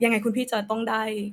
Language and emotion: Thai, sad